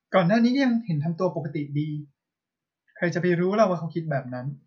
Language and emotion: Thai, neutral